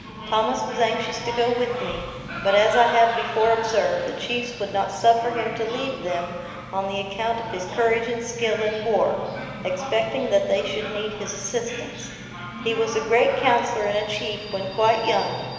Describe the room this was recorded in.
A large, echoing room.